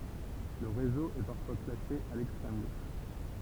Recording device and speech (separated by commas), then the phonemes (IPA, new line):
temple vibration pickup, read sentence
lə ʁezo ɛ paʁfwa klase a lɛkstʁɛm ɡoʃ